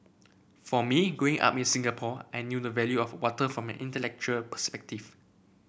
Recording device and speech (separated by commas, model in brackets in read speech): boundary microphone (BM630), read sentence